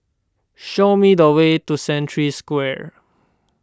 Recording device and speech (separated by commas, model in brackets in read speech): standing microphone (AKG C214), read sentence